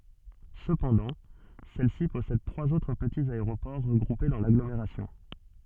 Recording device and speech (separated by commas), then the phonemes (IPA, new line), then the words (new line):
soft in-ear microphone, read sentence
səpɑ̃dɑ̃ sɛlsi pɔsɛd tʁwaz otʁ pətiz aeʁopɔʁ ʁəɡʁupe dɑ̃ laɡlomeʁasjɔ̃
Cependant, celle-ci possède trois autres petits aéroports regroupés dans l'agglomération.